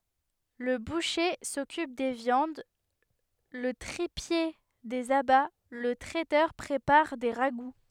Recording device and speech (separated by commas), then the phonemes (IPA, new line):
headset microphone, read sentence
lə buʃe sɔkyp de vjɑ̃d lə tʁipje dez aba lə tʁɛtœʁ pʁepaʁ de ʁaɡu